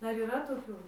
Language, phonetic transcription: Lithuanian, ˈdar yˈra toˈkių

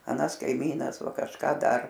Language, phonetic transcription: Lithuanian, aˈnas kaiˈmynas ˈva kažˈką ˈdar

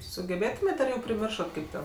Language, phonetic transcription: Lithuanian, sugeˈbėtumėt' ar ˈjau priˈmiršat ˈkaip ten

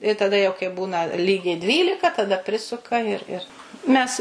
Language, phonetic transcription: Lithuanian, i taˈda jau kai ˈbūna ˈlygiai ˈdvylika taˈda ˈprisuka ir ir mes

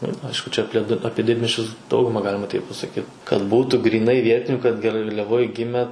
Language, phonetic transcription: Lithuanian, ir ˈaišku čia apˈlie ˈapie ˈdidmiesčius ˈdauguma ˈgalima taip pasaˈkyt kad ˈbūtų gryˈnai ˈvietiniu kad garliaˈvoj ˈgime

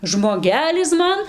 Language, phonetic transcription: Lithuanian, žmoˈgelis ˈman

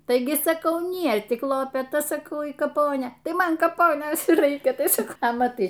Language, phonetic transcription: Lithuanian, ˈtaigi saˈkau ˈnie tik lopeˈta saˈkau y kaˈponė ˈtai ˈman kaˈponės y ˈraikia ˈtai ˈsak a maˈtai

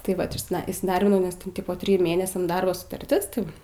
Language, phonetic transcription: Lithuanian, tai ˈvat išˈsida įsiˈdarbinau nes ten ˈtipo ˈtriju ˈmėnesiam ˈdarbo sutarˈtis tai ˈva

